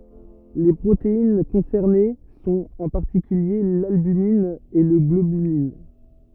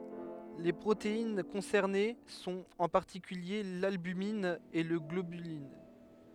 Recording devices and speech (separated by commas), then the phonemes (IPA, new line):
rigid in-ear microphone, headset microphone, read sentence
le pʁotein kɔ̃sɛʁne sɔ̃t ɑ̃ paʁtikylje lalbymin e la ɡlobylin